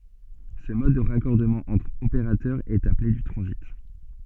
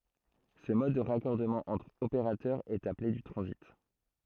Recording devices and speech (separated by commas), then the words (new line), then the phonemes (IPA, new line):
soft in-ear microphone, throat microphone, read sentence
Ce mode de raccordement entre opérateur, est appelé du transit.
sə mɔd də ʁakɔʁdəmɑ̃ ɑ̃tʁ opeʁatœʁ ɛt aple dy tʁɑ̃zit